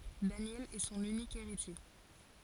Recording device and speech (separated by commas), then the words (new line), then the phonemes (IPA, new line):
forehead accelerometer, read sentence
Daniel est son unique héritier.
danjɛl ɛ sɔ̃n ynik eʁitje